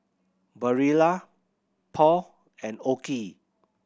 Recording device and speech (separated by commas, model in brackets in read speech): boundary microphone (BM630), read sentence